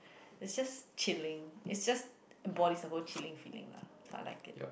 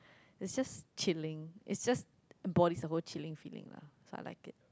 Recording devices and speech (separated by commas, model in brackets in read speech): boundary microphone, close-talking microphone, conversation in the same room